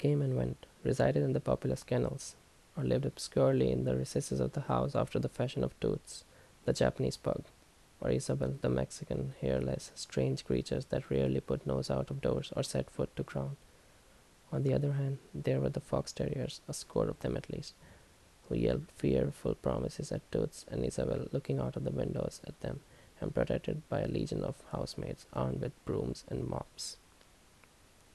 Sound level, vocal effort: 72 dB SPL, soft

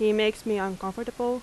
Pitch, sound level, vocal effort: 215 Hz, 87 dB SPL, loud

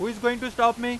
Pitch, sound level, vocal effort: 240 Hz, 98 dB SPL, loud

